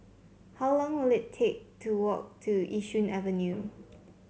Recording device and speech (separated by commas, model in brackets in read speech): mobile phone (Samsung C7), read sentence